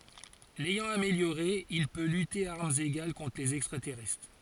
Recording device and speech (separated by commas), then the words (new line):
forehead accelerometer, read sentence
L'ayant amélioré, il peut lutter à armes égales contre les extraterrestres.